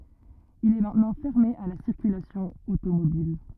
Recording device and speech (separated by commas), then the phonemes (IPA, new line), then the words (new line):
rigid in-ear microphone, read sentence
il ɛ mɛ̃tnɑ̃ fɛʁme a la siʁkylasjɔ̃ otomobil
Il est maintenant fermé à la circulation automobile.